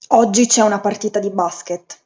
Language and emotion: Italian, neutral